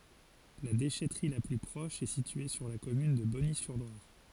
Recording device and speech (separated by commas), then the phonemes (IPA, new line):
forehead accelerometer, read sentence
la deʃɛtʁi la ply pʁɔʃ ɛ sitye syʁ la kɔmyn də bɔnizyʁlwaʁ